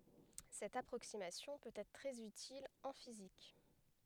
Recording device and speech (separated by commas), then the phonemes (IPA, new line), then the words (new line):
headset microphone, read sentence
sɛt apʁoksimasjɔ̃ pøt ɛtʁ tʁɛz ytil ɑ̃ fizik
Cette approximation peut être très utile en physique.